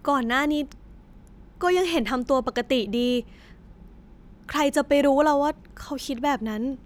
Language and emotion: Thai, frustrated